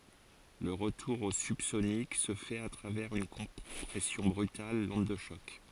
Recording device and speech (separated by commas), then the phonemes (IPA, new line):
forehead accelerometer, read sentence
lə ʁətuʁ o sybsonik sə fɛt a tʁavɛʁz yn kɔ̃pʁɛsjɔ̃ bʁytal lɔ̃d də ʃɔk